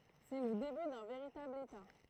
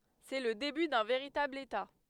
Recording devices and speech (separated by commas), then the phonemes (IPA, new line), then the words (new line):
throat microphone, headset microphone, read sentence
sɛ lə deby dœ̃ veʁitabl eta
C'est le début d'un véritable État.